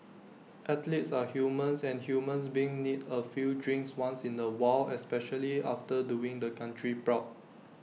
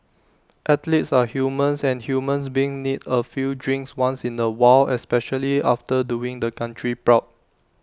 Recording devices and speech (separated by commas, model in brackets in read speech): mobile phone (iPhone 6), standing microphone (AKG C214), read sentence